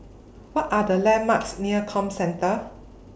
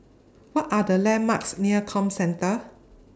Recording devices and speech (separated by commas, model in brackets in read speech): boundary microphone (BM630), standing microphone (AKG C214), read sentence